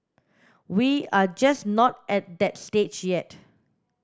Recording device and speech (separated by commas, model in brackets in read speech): standing microphone (AKG C214), read sentence